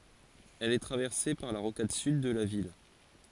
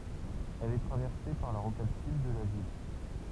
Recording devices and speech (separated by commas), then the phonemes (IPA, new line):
forehead accelerometer, temple vibration pickup, read sentence
ɛl ɛ tʁavɛʁse paʁ la ʁokad syd də la vil